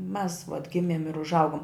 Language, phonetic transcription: Lithuanian, mes vat ˈgimėm ir užˈaugom

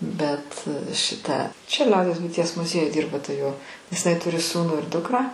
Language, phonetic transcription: Lithuanian, ˈbet šiˈta čia ˈliaudies buiˈties muˈziejuj ˈdyrba ta jo nes iˈnai ˈturi ˈsūnų ir ˈdukrą

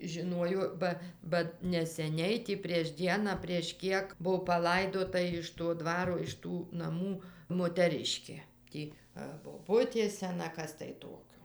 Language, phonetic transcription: Lithuanian, žiˈnojo ˈba ba neseˈniai ti prieš ˈdieną prieš ˈkiek ˈbuo paˈlaidota iš to ˈdvaro iš ˈtų naˈmų moteˈriškė ˈtį ar boˈbutė seˈna ˈkas tai ˈtokio

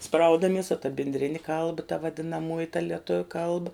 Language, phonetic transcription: Lithuanian, ˈspraudamies o ta bindˈrini ˈkalba ta vadinaˈmuoji ta lieˈtuviu ˈkalba

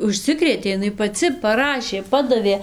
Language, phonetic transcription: Lithuanian, užˈsikrėtė iˈnai paˈci paˈrašė ˈpadavė

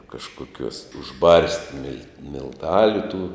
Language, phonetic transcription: Lithuanian, kažkoˈkiuos užˈbarsti mil' milˈtaliu tų

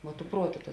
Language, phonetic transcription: Lithuanian, vuo tu ˈpruoˌtu ta

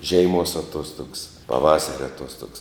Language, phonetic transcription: Lithuanian, ˈžeiˌmuos aˈtuostugs paˈvasaria aˈtuostogs

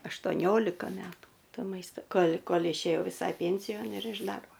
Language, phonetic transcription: Lithuanian, aštoˈniolika ˈmetų ˈto ˈmaista ˈkol' ˈkol' išėˈjau viˈsai ˈpensijon ir iš ˈdarbo

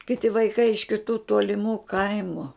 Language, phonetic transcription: Lithuanian, kiˈti vaiˈkai iš kiˈtų toliˈmų ˈkaimu

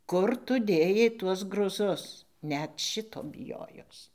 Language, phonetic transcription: Lithuanian, ˈkur tu ˈdėjai ˈtuos gruˈzus ˈnet ˈšito biˈjojos

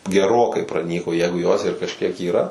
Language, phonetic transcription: Lithuanian, geˈrokai praˈnyko ˈjegu jos ir kažˈkiek yˈra

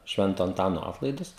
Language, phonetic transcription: Lithuanian, ˈšvento anˈtano ˈatlaidus

